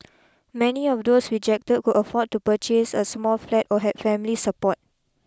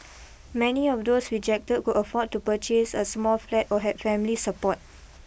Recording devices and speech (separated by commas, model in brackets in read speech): close-talking microphone (WH20), boundary microphone (BM630), read sentence